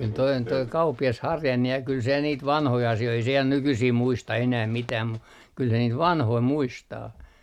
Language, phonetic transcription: Finnish, kyl toi on toi 'kauppi₍as "Harjanne ja kyl se niit "vanhoi 'asi₍oi ei se ja 'nykysii muista enäh 'mitääm mu , kyl se niit "vanhoi 'muistaa .
- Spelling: kyllä tuo on tuo kauppias Harjanne ja kyllä se niitä vanhoja asioita ei se ja nykyisin muista enää mitään mutta kyllä se niitä vanhoja muistaa

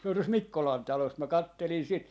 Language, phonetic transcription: Finnish, se on tos "Mikkolan 'talos mä 'kattelin 'sit .
- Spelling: se on tuossa Mikkolan talossa minä katselin sitä

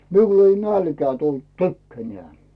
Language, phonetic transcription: Finnish, 'miul ‿ei "nälkᵉää tult 'tykkänᵉä̀ .
- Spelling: minulle ei nälkää tullut tykkänään

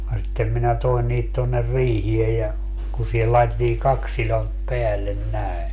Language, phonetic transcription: Finnish, ja sittem minä 'toen niit tonner "riihiej ja , ku sihel 'laetettii "kaks silont 'peällen "näe .
- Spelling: ja sitten minä toin niitä tuonne riiheen ja kun siihen laitettiin kaksi sidonta päälle näin

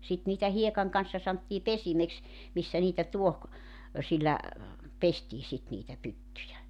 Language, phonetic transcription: Finnish, 'sit niitä 'hiekaŋ kanssa santtii "pesimeks , 'missä niitä 'tuoh- , ö sillä , 'pestii sit niitä 'pyttyjä .
- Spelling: sitten niitä hiekan kanssa sanottiin pesimeksi missä niitä - - sillä pestiin sitten niitä pyttyjä

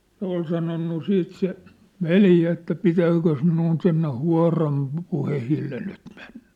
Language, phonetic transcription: Finnish, 'se ‿ol sanonnu 'siit se , "veljä että » 'pitääkös minun sinne 'hua̭ram pŭ- 'puhehille nyt ᴍᴇɴɴᴀ̈ ? «
- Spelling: se oli sanonut sitten se veli että pitääkös minun sinne huoran - puheille nyt mennä

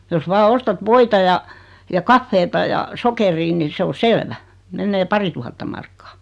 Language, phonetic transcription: Finnish, jos 'vaa 'ostat "voita ja , ja "kaffeeta ja "sokerii ni 'se o "selvä , 'mennee "parituhatta markkᴀᴀ .
- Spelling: jos vain ostat voita ja ja kahvia ja sokeria niin se on selvä menee parituhatta markkaa

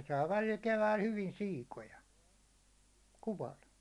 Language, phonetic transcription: Finnish, ne saa välil 'keväil hyvin "siikoja , 'kuwa1 .
- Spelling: ne saa välillä keväällä hyvin siikoja kuvalla

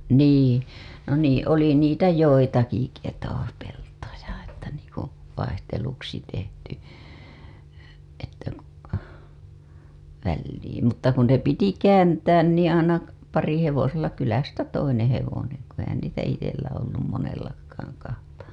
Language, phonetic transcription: Finnish, nii , no nii oli niitä "joitaki keto- , peltoja että niiŋku , 'vaihteluksi tehty , välliim 'mutta 'kun 'ne piti "kääntään niiḭ aina , parihevosella kylästä 'toineḛ hevoneŋ , ku ehän niitä 'itellä ollum monellakkaaŋ kahta .
- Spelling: niin no niin oli niitä joitakin - ketopeltoja että niin kuin vaihteluksi tehty väliin mutta kun ne piti kääntää niin aina parihevosella kylästä toinen hevonen kun eihän niitä itsellä ollut monellakaan kahta

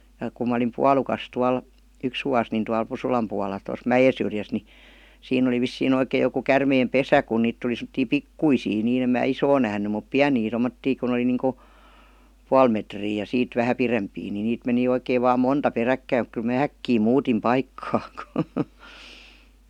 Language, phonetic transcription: Finnish, ja kum ma olim "pualukas 'tual , 'yks vuas nin tual "Pusulam pual̆la 'tos "mäjesyrjäs ni , siinn ‿oli 'vissii'n ‿oikej̆ joku 'kärmeem "pesä ku 'niit tuli sem°ttii "pikkuisii nii 'em mää "isoo nähny mup "piänii 'tommottii kun ‿oli niiŋku , "pual metrii ja 'siit 'vähä "pirempii ni 'niit meni oikeev vaam "monta 'peräkkäim mᵘk kyl mää "äkkii 'muutim ''paikkaa .
- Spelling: ja kun minä olin puolukassa tuolla yksi vuosi niin tuolla Pusulan puolella tuossa mäensyrjässä niin siinä oli vissiin oikein joku käärmeen pesä kun niitä tuli semmoisia pikkuisia niin en minä isoa nähnyt mutta pieniä tuommoisia kun oli niin kuin puoli metriä ja siitä vähän pidempiä niin niitä meni oikein vain monta peräkkäin mutta kyllä minä äkkiä muutin paikkaa

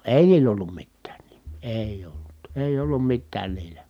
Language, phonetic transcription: Finnish, èi̮ niil̆l ‿ollum mittään NIMMI , èij ‿ollut , èij ‿ollum mittään niilä .
- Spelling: ei niillä ollut mitään nimiä ei ollut ei ollut mitään niillä

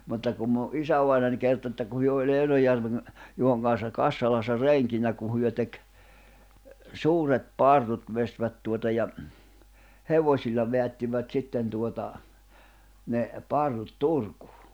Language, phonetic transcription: Finnish, 'mutta kum mu’ "’isävainań 'kerto että ku 'hyö oĺ -Järveŋ , 'Juhoŋ kanssa "Kassalassa "rèŋkinä ku hyö tek , "suuret "parrut 'vestvät tuota ja , "hevośilla 'veättivät "sitten tuota , 'ne , 'parrut "Turkᴜᴜ .
- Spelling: mutta kun minun isävainaja kertoi että kun he oli Järven Juhon kanssa Kassalassa renkinä kun he teki suuret parrut veistivät tuota ja hevosilla vedättivät sitten tuota ne parrut Turkuun

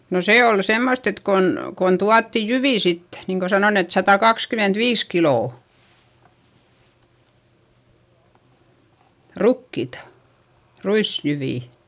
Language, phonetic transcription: Finnish, no see ol semmost ‿et kon , kon tuatti jyvì sit , niiŋ ko sanon ‿et satakakskymentviis kilò , rukkìta , ruisjyvì .
- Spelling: no se oli semmoista että kun kun tuotiin jyviä sitten niin kun sanon että satakaksikymmentäviisi kiloa rukiita ruisjyviä

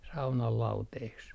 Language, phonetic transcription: Finnish, saunal 'lauteeks .
- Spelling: saunan lauteeksi

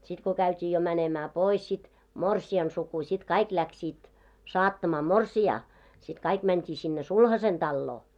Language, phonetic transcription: Finnish, sit ko 'käyt́ii jo mänemää "pois sit , "morsi₍an suku śit 'kaik 'läksiit , "saattamaa "morsi₍aa , sit 'kaik mänt́ii sinne "sulhasen 'ᴅalloo .
- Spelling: sitten kun käytiin jo menemään pois sitten morsiamen suku sitten kaikki lähtivät saattamaan morsianta sitten kaikki mentiin sinne sulhasen taloon

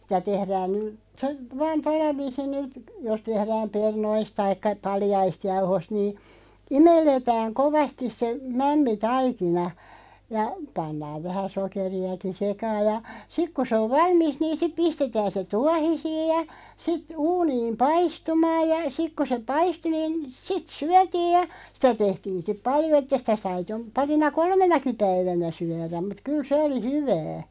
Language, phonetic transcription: Finnish, sⁱtä 'tehrään ny (tə) , vaan "tolla 'viisin (nyt) , jos 'tehrääm "pernoisᵗ 'taikka "paljaist 'jauhost nii , "imelletääŋ 'kovastis se , "mämmi"taikina , ja , 'pannaav 'vähä "sokeri₍aki "sekaaʲ ja , 'sik ku se ov 'valmisᵗ niin̬ siᵖ 'pistetään se "tuahisiij ja , sit , 'uuniim "paistumaaj ja , 'sik ku se "paistu niin , 'sit "syätiiʲ ja , 'sⁱtä 'tehtiin̬ sⁱteᵖ "paljo että 'sitä sai (jo) , 'parina "kolmenaki 'päivänä 'syäräᵐ mut 'kyl "se oli 'hyvää .
- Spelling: sitä tehdään nyt - vain tuolla viisiin nyt jos tehdään perunoista tai paljaista jauhosta niin imelletään kovasti se mämmitaikina ja pannaan vähän sokeriakin sekaan ja sitten kun se on valmista niin sitten pistetään se tuohisiin ja sitten uuniin paistumaan ja sitten kun se paistui niin sitten syötiin ja sitä tehtiin sitten paljon että sitä sai jo parina kolmenakin päivänä syödä mutta kyllä se oli hyvää

